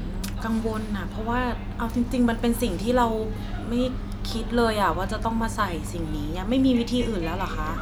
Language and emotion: Thai, frustrated